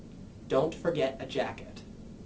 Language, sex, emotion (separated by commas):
English, male, neutral